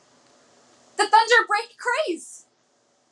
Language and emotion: English, happy